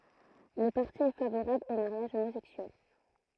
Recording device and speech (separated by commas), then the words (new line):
throat microphone, read sentence
Le parti est favorable au mariage homosexuel.